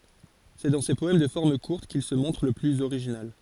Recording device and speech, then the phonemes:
forehead accelerometer, read sentence
sɛ dɑ̃ se pɔɛm də fɔʁm kuʁt kil sə mɔ̃tʁ lə plyz oʁiʒinal

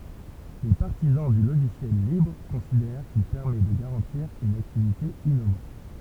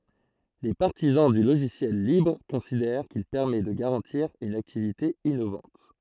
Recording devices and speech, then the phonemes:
temple vibration pickup, throat microphone, read sentence
le paʁtizɑ̃ dy loʒisjɛl libʁ kɔ̃sidɛʁ kil pɛʁmɛ də ɡaʁɑ̃tiʁ yn aktivite inovɑ̃t

